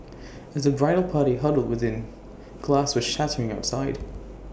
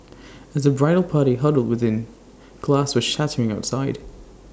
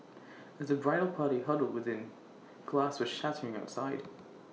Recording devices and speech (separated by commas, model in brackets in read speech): boundary microphone (BM630), standing microphone (AKG C214), mobile phone (iPhone 6), read sentence